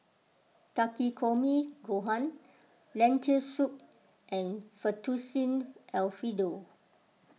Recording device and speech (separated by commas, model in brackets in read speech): mobile phone (iPhone 6), read sentence